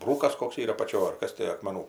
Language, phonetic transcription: Lithuanian, ˈbrūkas ˈkoks ˈyra apaˈčioj ar ˈkas ti akmeˈnų

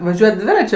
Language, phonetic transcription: Lithuanian, vaˈžiuojat ˈdviračiu

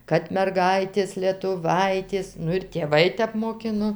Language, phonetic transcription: Lithuanian, kad merˈgaitės lietuˈvaitės ˈnu ir tėˈvai ˈtep moˈkino

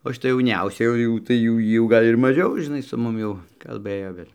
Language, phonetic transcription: Lithuanian, o šiˈta jauˈniausia jau ˈjau tai jau ˈjy jau ˈgal' ir maˈžiau žiˈnai su ˈmum jau kalˈbɘjo ˈvėl'

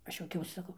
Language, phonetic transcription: Lithuanian, ˈaš juoˈkiausi saˈkau

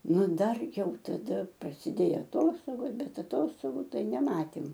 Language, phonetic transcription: Lithuanian, ˈnu ˈdar ˈjau taˈda prasiˈdėjo aˈtostogos ˈbet aˈtostogu ˈtai neˈmatėm

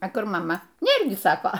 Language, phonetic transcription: Lithuanian, a ˈkur maˈma ˈnėr gi ˈsako

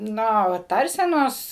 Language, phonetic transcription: Lithuanian, ˈno va ˈtarsenos

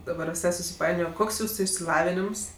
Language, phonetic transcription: Lithuanian, daˈbar viˈsai susiˈpainiojo ˈkoks ˈjūsu išsiˈlavinims

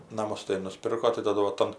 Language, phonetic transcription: Lithuanian, naˈmus tai nuˈspirko tai taˈdu va ˈtam

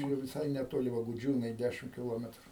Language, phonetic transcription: Lithuanian, jau viˈsai neˈtoli va guˈdžiūnai ˈdæšim kiˈlometru

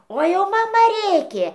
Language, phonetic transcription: Lithuanian, o ˈjau maˈma ˈrėkė

